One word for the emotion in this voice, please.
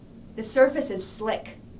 angry